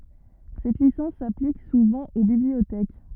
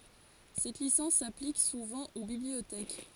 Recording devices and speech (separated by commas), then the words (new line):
rigid in-ear microphone, forehead accelerometer, read sentence
Cette licence s'applique souvent aux bibliothèques.